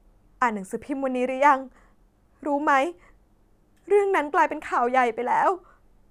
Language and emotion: Thai, sad